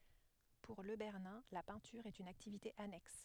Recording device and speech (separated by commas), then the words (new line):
headset microphone, read sentence
Pour Le Bernin, la peinture est une activité annexe.